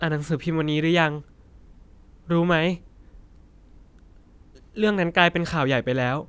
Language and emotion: Thai, sad